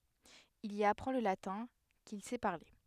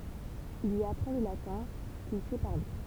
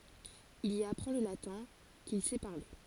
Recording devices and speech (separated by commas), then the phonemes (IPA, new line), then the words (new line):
headset microphone, temple vibration pickup, forehead accelerometer, read sentence
il i apʁɑ̃ lə latɛ̃ kil sɛ paʁle
Il y apprend le latin, qu'il sait parler.